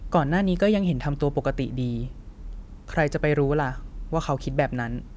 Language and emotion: Thai, neutral